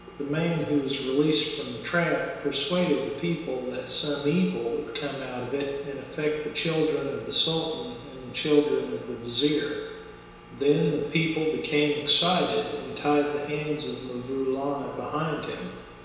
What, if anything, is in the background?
Nothing.